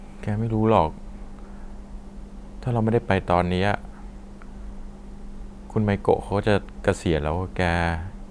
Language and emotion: Thai, neutral